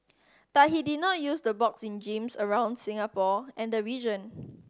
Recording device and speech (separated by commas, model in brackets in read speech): standing microphone (AKG C214), read sentence